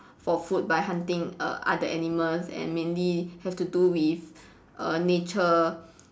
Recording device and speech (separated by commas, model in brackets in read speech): standing microphone, conversation in separate rooms